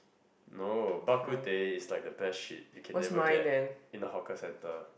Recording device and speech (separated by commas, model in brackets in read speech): boundary microphone, conversation in the same room